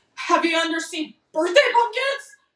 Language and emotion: English, fearful